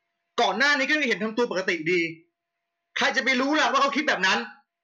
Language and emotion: Thai, angry